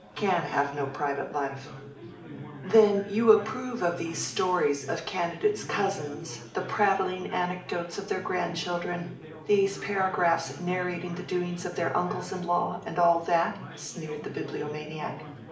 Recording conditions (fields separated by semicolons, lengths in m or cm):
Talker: one person; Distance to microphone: 2.0 m; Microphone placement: close; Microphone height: 99 cm; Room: medium-sized (5.7 m by 4.0 m); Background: babble